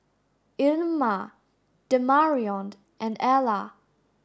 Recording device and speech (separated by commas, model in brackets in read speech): standing microphone (AKG C214), read sentence